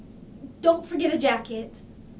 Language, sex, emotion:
English
female
neutral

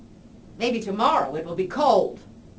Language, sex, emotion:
English
female
angry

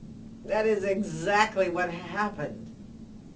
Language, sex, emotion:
English
female
disgusted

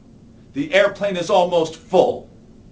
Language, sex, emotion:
English
male
angry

